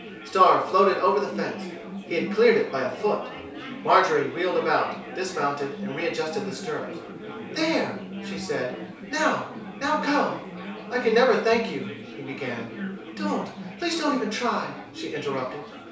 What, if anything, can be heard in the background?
Crowd babble.